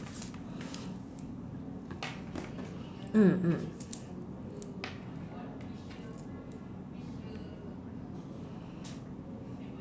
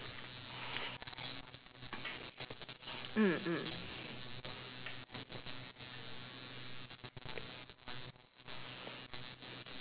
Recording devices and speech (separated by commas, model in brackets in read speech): standing microphone, telephone, conversation in separate rooms